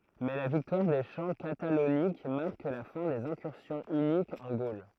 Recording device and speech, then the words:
throat microphone, read sentence
Mais la victoire des champs Catalauniques marque la fin des incursions hunniques en Gaule.

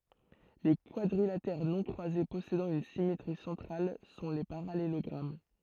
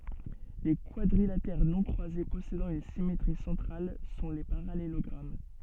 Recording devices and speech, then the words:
throat microphone, soft in-ear microphone, read sentence
Les quadrilatères non croisés possédant une symétrie centrale sont les parallélogrammes.

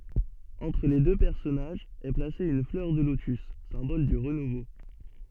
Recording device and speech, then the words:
soft in-ear microphone, read sentence
Entre les deux personnages est placée une fleur de lotus, symbole du renouveau.

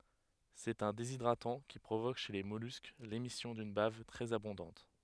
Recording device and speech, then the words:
headset microphone, read sentence
C'est un déshydratant qui provoque chez les mollusques l'émission d'une bave très abondante.

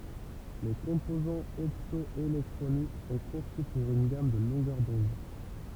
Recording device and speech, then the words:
temple vibration pickup, read sentence
Les composants opto-électroniques sont conçus pour une gamme de longueurs d'onde.

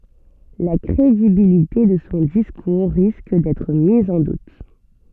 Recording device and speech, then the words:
soft in-ear microphone, read sentence
La crédibilité de son discours risque d’être mise en doute.

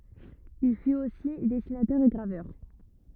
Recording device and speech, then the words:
rigid in-ear microphone, read sentence
Il fut aussi dessinateur et graveur.

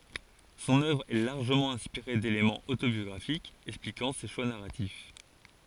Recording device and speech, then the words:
forehead accelerometer, read sentence
Son œuvre est largement inspiré d'éléments autobiographiques expliquant ses choix narratifs.

